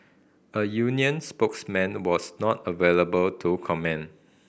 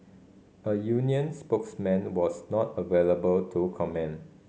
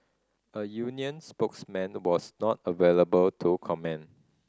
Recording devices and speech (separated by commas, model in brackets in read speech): boundary microphone (BM630), mobile phone (Samsung C5010), standing microphone (AKG C214), read sentence